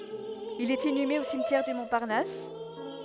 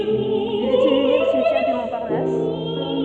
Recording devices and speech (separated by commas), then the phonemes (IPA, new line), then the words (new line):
headset microphone, soft in-ear microphone, read sentence
il ɛt inyme o simtjɛʁ dy mɔ̃paʁnas
Il est inhumé au cimetière du Montparnasse.